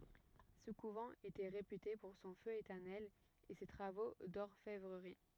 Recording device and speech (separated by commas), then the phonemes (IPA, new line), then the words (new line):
rigid in-ear microphone, read sentence
sə kuvɑ̃ etɛ ʁepyte puʁ sɔ̃ fø etɛʁnɛl e se tʁavo dɔʁfɛvʁəʁi
Ce couvent était réputé pour son feu éternel et ses travaux d'orfèvrerie.